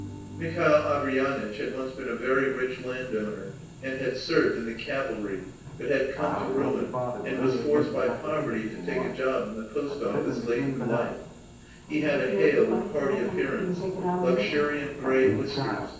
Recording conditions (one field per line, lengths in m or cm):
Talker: one person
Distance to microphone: 9.8 m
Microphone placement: far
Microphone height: 1.8 m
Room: large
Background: television